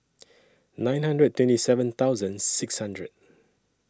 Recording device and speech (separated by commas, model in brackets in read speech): standing microphone (AKG C214), read sentence